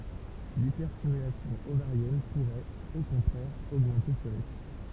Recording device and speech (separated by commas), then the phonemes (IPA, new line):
temple vibration pickup, read sentence
lipɛʁstimylasjɔ̃ ovaʁjɛn puʁɛt o kɔ̃tʁɛʁ oɡmɑ̃te sə ʁisk